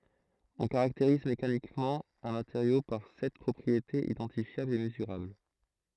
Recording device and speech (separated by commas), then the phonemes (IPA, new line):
throat microphone, read sentence
ɔ̃ kaʁakteʁiz mekanikmɑ̃ œ̃ mateʁjo paʁ sɛt pʁɔpʁietez idɑ̃tifjablz e məzyʁabl